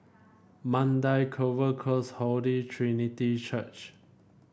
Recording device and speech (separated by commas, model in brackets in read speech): boundary microphone (BM630), read sentence